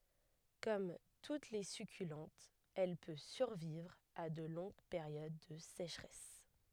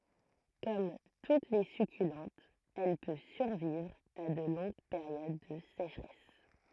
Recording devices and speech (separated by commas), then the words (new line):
headset microphone, throat microphone, read sentence
Comme toutes les succulentes, elle peut survivre à de longues périodes de sécheresse.